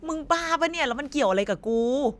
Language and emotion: Thai, frustrated